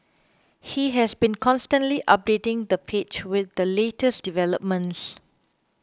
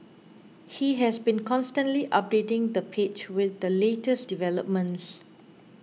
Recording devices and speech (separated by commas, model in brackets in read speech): close-talking microphone (WH20), mobile phone (iPhone 6), read sentence